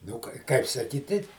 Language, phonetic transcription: Lithuanian, nu ˈkai ˈkaip saˈkyˈti

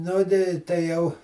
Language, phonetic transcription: Lithuanian, ˈnu tai tai ˈjau

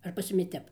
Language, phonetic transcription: Lithuanian, ar pas ˈjumi ˈtep

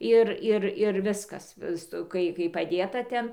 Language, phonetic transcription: Lithuanian, ˈir ˈir ir ˈviskas ˈsto ˈkai kai paˈdėta ˈten

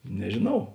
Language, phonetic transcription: Lithuanian, nežėˈnau

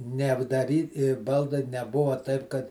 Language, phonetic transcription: Lithuanian, neapdaˈry ˈbaldai neˈbuva taip kad

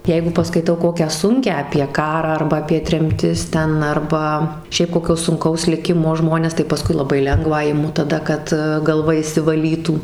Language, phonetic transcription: Lithuanian, ˈjeigu paskaiˈtau ˈkokią ˈsunkią apie ˈkarą ˈarba apie tremˈtis ˈten ˈarba ˈšiaip koˈkio ˈsunkaus liˈkimo ˈžmones tai paˈskui laˈbai ˈlengvą iˈmu taˈda kad galˈva išsivaˈlytų

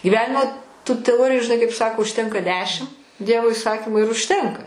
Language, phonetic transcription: Lithuanian, gyˈvenimo tų teˈoriju žiˈnai kaip ˈsako užˈtenka ˈdešim ˈdievo iˈsakimu ir užˈtenka

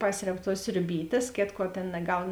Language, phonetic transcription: Lithuanian, ˈpasreb tuos sriuˈbytės ˈkėtˌkuo ˈtėn naˈgaun

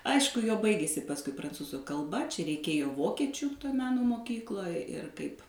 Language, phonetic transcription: Lithuanian, ˈaišku jo ˈbaigėsi pasˈkui pranˈcūzu kalˈba čia reiˈkėjo ˈvokiečiu toj ˈmeno moˈkykloj ir ˈkaip

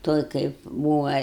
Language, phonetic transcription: Lithuanian, ˈtoj kaip ˈbūva

